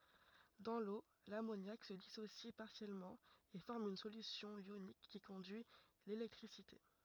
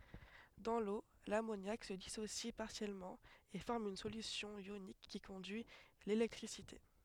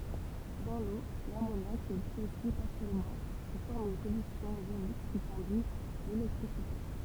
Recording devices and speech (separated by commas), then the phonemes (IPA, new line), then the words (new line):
rigid in-ear microphone, headset microphone, temple vibration pickup, read sentence
dɑ̃ lo lamonjak sə disosi paʁsjɛlmɑ̃ e fɔʁm yn solysjɔ̃ jonik ki kɔ̃dyi lelɛktʁisite
Dans l'eau, l'ammoniac se dissocie partiellement et forme une solution ionique qui conduit l'électricité.